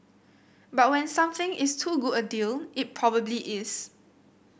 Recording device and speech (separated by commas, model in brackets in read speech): boundary microphone (BM630), read sentence